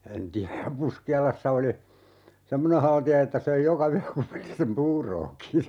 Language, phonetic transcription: Finnish, 'en "tiäj ja 'Puski₍alassa oli , "semmone 'halti₍a että 'söi "joka 'yä 'kupillisem "puurooki .
- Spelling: en tiedä ja Puskialassa oli semmoinen haltia että söi joka yö kupillisen puuroakin

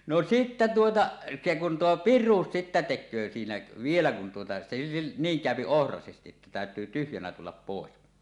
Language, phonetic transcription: Finnish, no 'sittä tuota , se kun tuo "pir̆ruus sittä 'tek̆köö siinä , "vielä kun tuota se , 'niiŋ 'kä̀öpi "ohrasestiˀ ˀettä tä̀öt̀yy tyhjänä 'tullap 'pòes .
- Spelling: no sitten tuota se kun tuo piruus sitten tekee siinä vielä kun tuota se niin käy ohraisesti että täytyy tyhjänä tulla pois

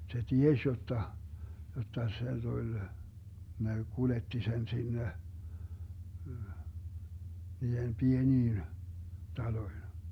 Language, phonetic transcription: Finnish, se 'tieś jotta , 'jotta se 'Duĺ , (kun) ne 'kuletti sen 'sinne , 'niihem "pieniin , 'taloin̬ .
- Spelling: se tiesi jotta jotta se tuli kun ne kuljetti sen sinne niihin pieniin taloihin

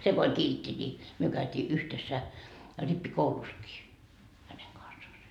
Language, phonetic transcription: Finnish, se ko oĺ 'kiltti ńi , myö käyt́ii "yhtessä , 'rippi"kouluskii , häneŋ kansaase .
- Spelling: se kun oli kiltti niin me käytiin yhdessä rippikoulussakin hänen kanssaan

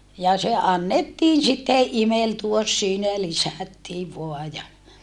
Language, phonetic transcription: Finnish, ja se annettiin sitteʼ ʼimeltuos siinä ja lisä̀ttiiv voa ja ,.
- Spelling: ja se annettiin sitten imeltyä siinä ja lisättiin vain ja

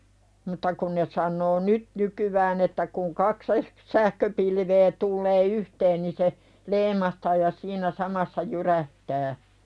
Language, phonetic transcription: Finnish, mutta 'kun ne sannoo "nyt nykyvään ‿että kuŋ kak (sehk-) , 'sähköpilvee tullee "yhteen ni se , "leim̀ahtaa ja 'siinä samassa "jyrähtää .
- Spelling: mutta kun ne sanoo nyt nykyään että kun kaksi - sähköpilveä tulee yhteen niin se leimahtaa ja siinä samassa jyrähtää

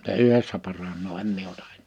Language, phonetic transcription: Finnish, (s)e "yhessä paranoo 'em mie ota ᴇɴ . «
- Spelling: se yhdessä paranee en minä ota en

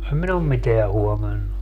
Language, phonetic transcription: Finnish, 'em min ‿om "miteä 'huomannu .
- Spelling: en minä ole mitään huomannut

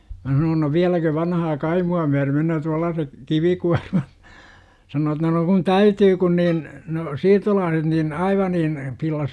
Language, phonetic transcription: Finnish, mä sanoon no » "viäläkö vanahaa 'kaimu₍a myär menöö 'tuallaasek , "kivikuarmat? « sanoo että no » kun "täytyy kun niin , no- , "siirtolaaset nin , "aiva niin , 'pillas .
- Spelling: minä sanoin no vieläkö vanhaa kaimoa myöden menee tuollaiset kivikuormat sanoo että no kun täytyy kun niin no siirtolaiset niin aivan niin pillasi

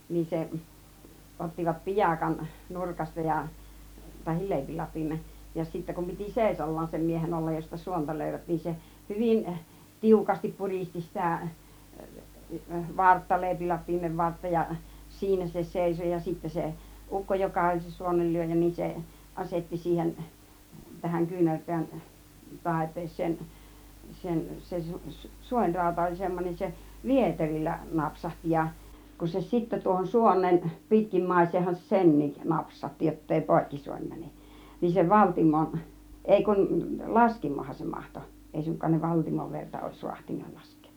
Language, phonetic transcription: Finnish, nin 'seˀ , 'ottivat "piʲakan 'nurkasta ja , tahi 'lèipilap̆piimen̬ , ja sittä kum 'piti "sèisol̀laan 'sem 'miehen 'ollaj josta 'suonta 'lö̀ivät nin se , "hyvin , "tiukastip "puristi 'sitä̀ , "vartta 'lèipilap̆piimev "vartta ja , "siinä se 'sèiso ja sittä 'se , "ukko 'joka oĺ se 'suonellyöjä niin 'se , 'asetti 'siihen , 'tähäŋ 'kyynärpiän , "tàip̆pees̆seen , 'sen , 'sen se su -"suońràuta oĺ 'semmon͕en 'se , "vieteril͕l͕ä 'napsahti ja , kun se 'sittä tuohon "suon̆neen , 'pitkimmàis̀eehan se "sen̆niik , 'napsăŭtti jottèi "pòikki 'suoń mäne(k) , niin se "valtimon , 'èi kun "laskimohan se 'mahto , 'èi suŋk̆kaan ne "valtimov 'verta͕ òis 'ruahtinna 'lask̆kEE .
- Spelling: niin sen ottivat piakan nurkasta ja tai leipilapion ja sitten kun piti seisaallaan sen miehen olla josta suonta löivät niin se hyvin tiukasti puristi sitä vartta leipilapion vartta ja siinä se seisoi ja sitten se ukko joka oli se suonenlyöjä niin se asetti siihen tähän kyynärpään taipeeseen sen sen se - suonirauta oli semmoinen se vieterillä napsahti ja kun se sitten tuohon suoneen pitkimmäiseenhän se senkin napsautti jotta ei poikki suoni mene niin se valtimon ei kun laskimohan se mahtoi ei suinkaan ne valtimon verta olisi raatsinut laskea

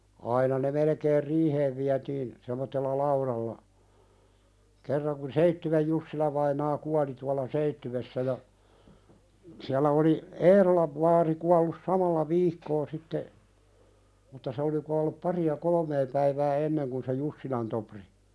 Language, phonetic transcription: Finnish, 'aina ne 'melekeer "riiheev viätiin , semottella "lauðalla , kerraŋ kun "Seittywej 'Jussilavainaa 'kuali tuala "Seittywessä ja , siällä oli , "Eerolav vaari kuallus 'samalla "viikko sitte , mutta se oli kuallup 'pari₍a "kolᵒmee päivää enneŋ kun se 'Jussilan Topri .
- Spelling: aina ne melkein riiheen vietiin semmoisella laudalla kerran kun Seitsiön Jussila-vainaa kuoli tuolla Seitsiössä ja siellä oli Eerolan vaari kuollut samalla viikkoa sitten mutta se oli kuollut paria kolmea päivää ennen kuin se Jussilan Topri

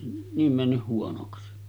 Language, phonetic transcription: Finnish, 'niim männyʰ huonoksi .
- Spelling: niin mennyt huonoksi

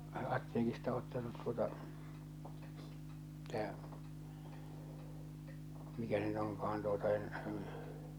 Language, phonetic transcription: Finnish, ᵃ- 'atteekista ottanut tuota , tää , mikä se nyt oŋka₍an tuota en ,.
- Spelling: - apteekista ottanut tuota tämä mikä se nyt onkaan tuota en

